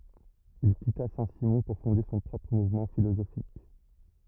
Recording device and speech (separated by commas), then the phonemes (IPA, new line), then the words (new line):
rigid in-ear microphone, read sentence
il kita sɛ̃ simɔ̃ puʁ fɔ̃de sɔ̃ pʁɔpʁ muvmɑ̃ filozofik
Il quitta Saint-Simon pour fonder son propre mouvement philosophique.